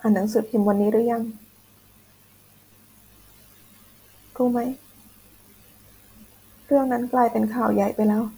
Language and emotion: Thai, sad